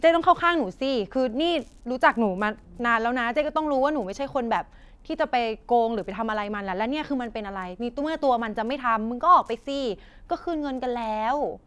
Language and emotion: Thai, frustrated